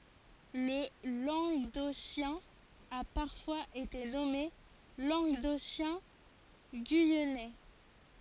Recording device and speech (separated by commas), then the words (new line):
forehead accelerometer, read sentence
Le languedocien a parfois été nommé languedocien-guyennais.